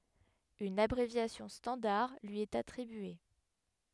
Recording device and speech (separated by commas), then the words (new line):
headset microphone, read sentence
Une abréviation standard lui est attribuée.